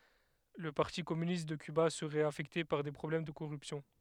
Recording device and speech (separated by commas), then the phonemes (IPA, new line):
headset microphone, read sentence
lə paʁti kɔmynist də kyba səʁɛt afɛkte paʁ de pʁɔblɛm də koʁypsjɔ̃